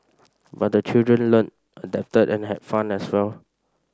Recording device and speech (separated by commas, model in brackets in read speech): standing microphone (AKG C214), read sentence